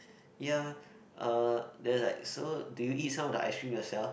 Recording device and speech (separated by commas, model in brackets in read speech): boundary microphone, conversation in the same room